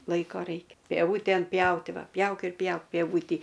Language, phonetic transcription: Lithuanian, ˈlaiko ˈraikia pieˈvūten ˈpjauti ˈva ˈpjauk ir ˈpjauk pieˈvūtį

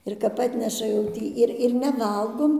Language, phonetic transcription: Lithuanian, ir ˈkap ˈatneša jau ˈtį ˈir ir neˈvalgom

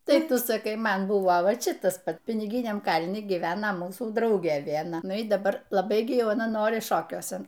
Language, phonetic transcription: Lithuanian, tai ˈtu saˈkai ˈman ˈbuvo ˈva ˈči ˈtas ˈpat piniˈginiam ˈkalni gyˈvena ˈmūsų ˈdraugė vienˈa ˈnu y daˈbar laˈbai gi ˈjau aˈna ˈnori ˈšokiuosen

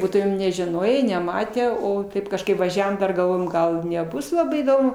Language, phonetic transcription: Lithuanian, ˈbūtumėm nežiˈnojė neˈmatę ˈo ˈtaip kažˈkaip vaˈžiavom ˈdar galˈvojom ˈgal neˈbus laˈbai įˈdomu

